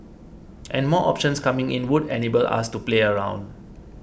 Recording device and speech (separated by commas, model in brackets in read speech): boundary microphone (BM630), read sentence